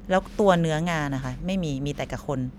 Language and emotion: Thai, neutral